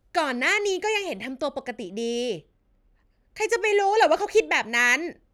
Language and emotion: Thai, angry